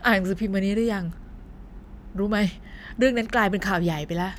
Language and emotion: Thai, neutral